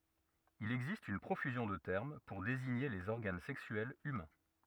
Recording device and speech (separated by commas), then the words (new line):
rigid in-ear microphone, read sentence
Il existe une profusion de termes pour désigner les organes sexuels humains.